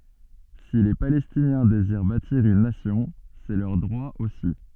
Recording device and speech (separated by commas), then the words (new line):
soft in-ear microphone, read sentence
Si les Palestiniens désirent bâtir une nation, c'est leur droit aussi.